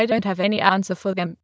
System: TTS, waveform concatenation